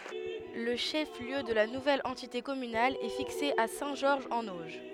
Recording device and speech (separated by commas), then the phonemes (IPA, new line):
headset microphone, read sentence
lə ʃɛf ljø də la nuvɛl ɑ̃tite kɔmynal ɛ fikse a sɛ̃ ʒɔʁʒ ɑ̃n oʒ